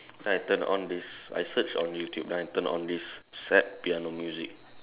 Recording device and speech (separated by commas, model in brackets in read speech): telephone, conversation in separate rooms